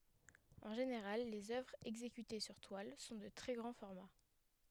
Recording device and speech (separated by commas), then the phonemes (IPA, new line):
headset microphone, read sentence
ɑ̃ ʒeneʁal lez œvʁz ɛɡzekyte syʁ twal sɔ̃ də tʁɛ ɡʁɑ̃ fɔʁma